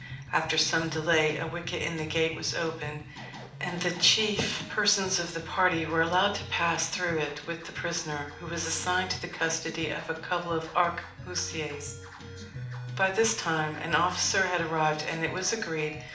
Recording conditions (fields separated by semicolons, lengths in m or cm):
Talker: one person; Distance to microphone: 2.0 m; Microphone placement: close; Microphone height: 99 cm; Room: medium-sized (5.7 m by 4.0 m); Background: music